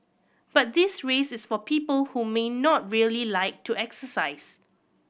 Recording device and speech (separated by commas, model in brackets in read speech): boundary microphone (BM630), read sentence